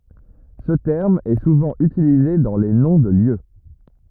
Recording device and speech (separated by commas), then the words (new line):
rigid in-ear microphone, read sentence
Ce terme est souvent utilisé dans les noms de lieux.